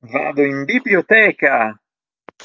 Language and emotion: Italian, happy